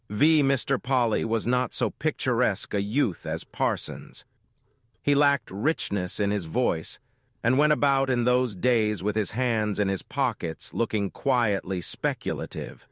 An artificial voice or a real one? artificial